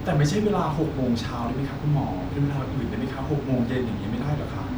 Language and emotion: Thai, frustrated